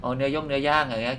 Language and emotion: Thai, neutral